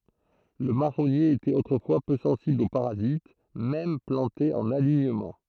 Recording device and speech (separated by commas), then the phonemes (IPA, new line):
throat microphone, read sentence
lə maʁɔnje etɛt otʁəfwa pø sɑ̃sibl o paʁazit mɛm plɑ̃te ɑ̃n aliɲəmɑ̃